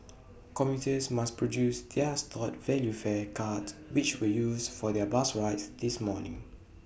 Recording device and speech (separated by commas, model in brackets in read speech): boundary microphone (BM630), read sentence